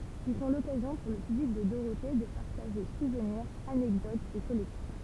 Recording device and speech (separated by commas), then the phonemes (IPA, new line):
temple vibration pickup, read sentence
il sɔ̃ lɔkazjɔ̃ puʁ lə pyblik də doʁote də paʁtaʒe suvniʁz anɛkdotz e kɔlɛksjɔ̃